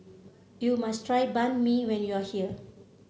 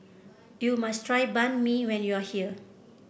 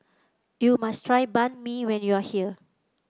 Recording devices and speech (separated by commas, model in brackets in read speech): mobile phone (Samsung C7), boundary microphone (BM630), close-talking microphone (WH30), read sentence